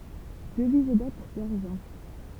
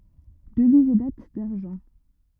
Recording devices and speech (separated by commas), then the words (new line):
temple vibration pickup, rigid in-ear microphone, read sentence
Devise et dates d'argent.